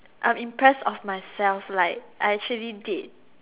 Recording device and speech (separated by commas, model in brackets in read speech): telephone, conversation in separate rooms